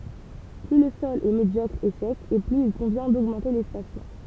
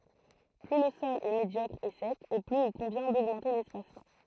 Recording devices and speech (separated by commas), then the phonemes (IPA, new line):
temple vibration pickup, throat microphone, read sentence
ply lə sɔl ɛ medjɔkʁ e sɛk e plyz il kɔ̃vjɛ̃ doɡmɑ̃te lɛspasmɑ̃